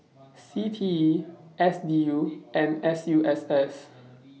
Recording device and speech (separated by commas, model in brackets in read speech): mobile phone (iPhone 6), read sentence